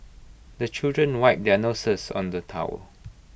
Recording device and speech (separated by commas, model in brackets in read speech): boundary microphone (BM630), read sentence